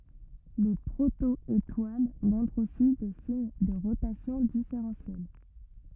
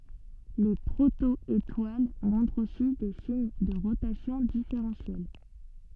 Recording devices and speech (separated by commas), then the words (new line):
rigid in-ear microphone, soft in-ear microphone, read sentence
Les proto-étoiles montrent aussi des signes de rotation différentielle.